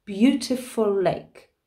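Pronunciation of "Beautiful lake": In 'beautiful lake', the two words are connected: the L at the end of 'beautiful' is dropped, so the L is not said twice.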